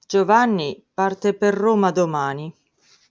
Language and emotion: Italian, neutral